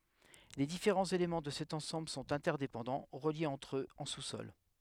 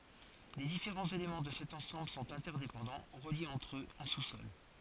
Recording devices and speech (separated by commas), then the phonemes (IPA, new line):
headset microphone, forehead accelerometer, read sentence
le difeʁɑ̃z elemɑ̃ də sɛt ɑ̃sɑ̃bl sɔ̃t ɛ̃tɛʁdepɑ̃dɑ̃ ʁəljez ɑ̃tʁ øz ɑ̃ susɔl